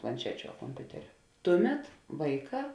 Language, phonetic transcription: Lithuanian, planˈčečiu a komˈpiuteriu ˈtuˌmet ˈvaiˌkā

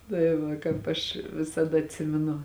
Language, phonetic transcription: Lithuanian, tai ˈva kāp ˈaš visaˈda atˈsiminu

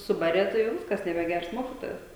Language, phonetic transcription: Lithuanian, ˈsubarė ˈtai jau ˈviskas nebeˈgers ˈmokitojas

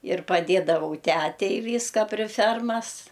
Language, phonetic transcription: Lithuanian, ir paˈdėdavau ˈtætei ˈvyska pri ˈfermas

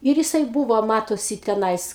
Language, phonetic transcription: Lithuanian, ˈir jiˈsai ˈbūvo ˈmatosi teˈnais

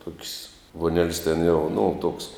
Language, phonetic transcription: Lithuanian, tuok's' vuoˈnel's' ten jau nu toks

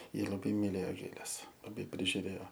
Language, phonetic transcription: Lithuanian, ˈji laˈbai miˈlėjo ˈgėles laˈbai prižiuˈrėo

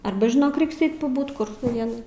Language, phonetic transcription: Lithuanian, ˈarba žiˈnok ˈreiks ˈeit paˈbūt kur tau ˈvienai

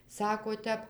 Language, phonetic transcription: Lithuanian, ˈsako ˈtep

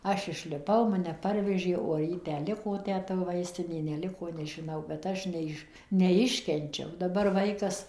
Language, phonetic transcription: Lithuanian, ˈaš išliˈpau maˈne ˈparvežė o ar ˈji ˈtę ˈliko ˈtę to ˈvaistinė neˈliko nežiˈnau bet ˈaš neˈiš neˈiškenčiau daˈbar ˈvaikas

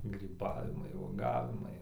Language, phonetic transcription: Lithuanian, gryˈbavimai uoˈgavimai

